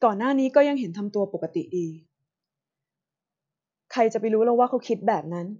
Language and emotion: Thai, frustrated